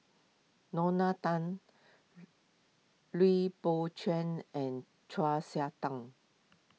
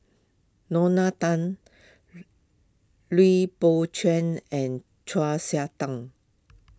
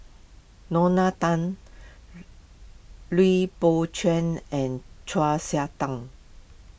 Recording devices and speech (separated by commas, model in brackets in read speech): mobile phone (iPhone 6), close-talking microphone (WH20), boundary microphone (BM630), read sentence